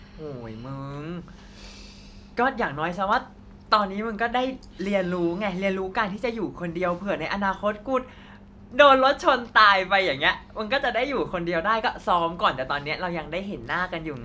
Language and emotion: Thai, happy